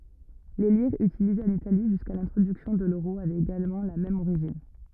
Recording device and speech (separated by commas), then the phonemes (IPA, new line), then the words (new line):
rigid in-ear microphone, read sentence
le liʁz ytilizez ɑ̃n itali ʒyska lɛ̃tʁodyksjɔ̃ də løʁo avɛt eɡalmɑ̃ la mɛm oʁiʒin
Les lires utilisées en Italie jusqu'à l'introduction de l'euro avaient également la même origine.